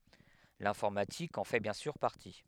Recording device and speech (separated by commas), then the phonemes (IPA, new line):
headset microphone, read sentence
lɛ̃fɔʁmatik ɑ̃ fɛ bjɛ̃ syʁ paʁti